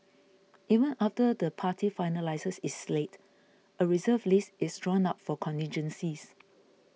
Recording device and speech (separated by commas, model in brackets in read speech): mobile phone (iPhone 6), read sentence